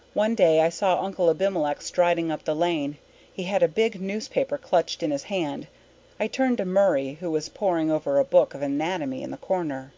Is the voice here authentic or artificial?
authentic